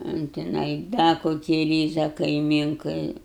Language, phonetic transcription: Lithuanian, un tiˈnai ˈda koˈkį ˈryza kaiˈmynkai

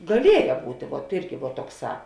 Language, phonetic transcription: Lithuanian, gaˈlieja ˈbūtė vuot ˈirgi vuot ˈtokˌsā

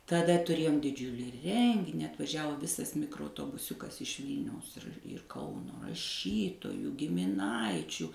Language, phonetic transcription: Lithuanian, taˈda tuˈrėjom diˈdžiulį ˈrengini atvaˈžiavo ˈvisas mikroautobuˈsiukas iš ˈvylniaus ir ˈkauno raˈšytojų gimiˈnaičių

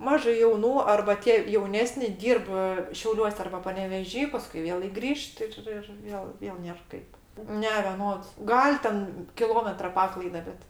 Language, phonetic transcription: Lithuanian, ˈmažai jauˈnų arba ˈtie jauˈnesni ˈdyrb ˈšiauliuos' arba paneveˈžy ˈpaskui ˈvėlai gˈrįžt ˈir ir ˈjo ˈvėl ˈnėr ˈkaip ˈne veˈnods ˈgal' ten kiˈlometra ˈpaklaida ˈbet

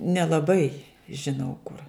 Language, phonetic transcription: Lithuanian, nelaˈbai žiˈnau kur

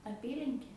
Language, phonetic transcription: Lithuanian, aˈpylinkė

